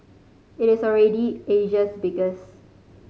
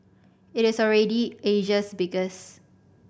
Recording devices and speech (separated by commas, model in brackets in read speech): mobile phone (Samsung C5010), boundary microphone (BM630), read sentence